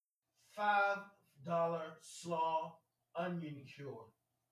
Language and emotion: English, angry